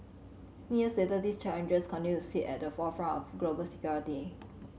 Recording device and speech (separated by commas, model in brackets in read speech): mobile phone (Samsung C7100), read sentence